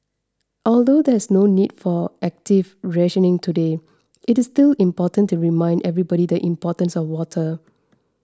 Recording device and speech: standing microphone (AKG C214), read sentence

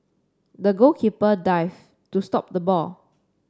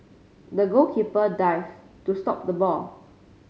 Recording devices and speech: standing microphone (AKG C214), mobile phone (Samsung C5), read sentence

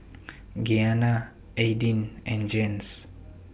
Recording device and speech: boundary microphone (BM630), read sentence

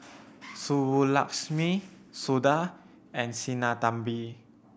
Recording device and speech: boundary microphone (BM630), read sentence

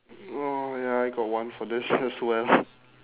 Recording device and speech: telephone, conversation in separate rooms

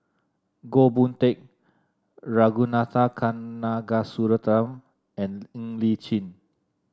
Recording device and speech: standing microphone (AKG C214), read sentence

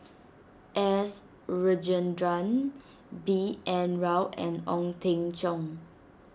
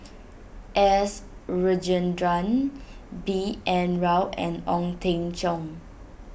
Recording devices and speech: standing microphone (AKG C214), boundary microphone (BM630), read sentence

